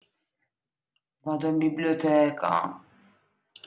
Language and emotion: Italian, sad